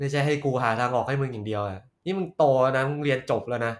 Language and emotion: Thai, frustrated